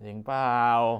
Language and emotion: Thai, happy